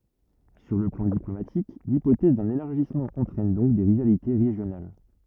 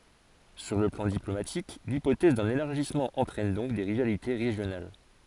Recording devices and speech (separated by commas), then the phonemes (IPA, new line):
rigid in-ear microphone, forehead accelerometer, read sentence
syʁ lə plɑ̃ diplomatik lipotɛz dœ̃n elaʁʒismɑ̃ ɑ̃tʁɛn dɔ̃k de ʁivalite ʁeʒjonal